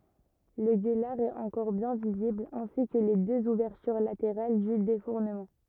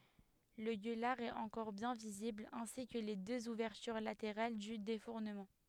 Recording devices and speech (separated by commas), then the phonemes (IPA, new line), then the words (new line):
rigid in-ear microphone, headset microphone, read sentence
lə ɡølaʁ ɛt ɑ̃kɔʁ bjɛ̃ vizibl ɛ̃si kə le døz uvɛʁtyʁ lateʁal dy defuʁnəmɑ̃
Le gueulard est encore bien visible, ainsi que les deux ouvertures latérales du défournement.